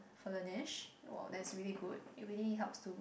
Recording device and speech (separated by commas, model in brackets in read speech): boundary microphone, conversation in the same room